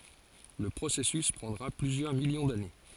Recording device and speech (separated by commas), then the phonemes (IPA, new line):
forehead accelerometer, read sentence
lə pʁosɛsys pʁɑ̃dʁa plyzjœʁ miljɔ̃ dane